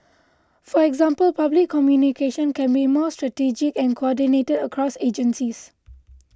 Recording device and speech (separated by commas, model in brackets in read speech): close-talking microphone (WH20), read sentence